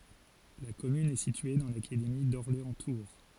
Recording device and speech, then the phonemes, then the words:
forehead accelerometer, read sentence
la kɔmyn ɛ sitye dɑ̃ lakademi dɔʁleɑ̃stuʁ
La commune est située dans l'académie d'Orléans-Tours.

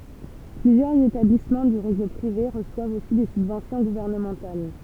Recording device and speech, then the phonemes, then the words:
temple vibration pickup, read sentence
plyzjœʁz etablismɑ̃ dy ʁezo pʁive ʁəswavt osi de sybvɑ̃sjɔ̃ ɡuvɛʁnəmɑ̃tal
Plusieurs établissements du réseau privé reçoivent aussi des subventions gouvernementales.

